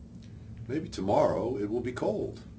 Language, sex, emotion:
English
male
neutral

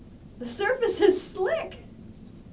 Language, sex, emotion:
English
female
neutral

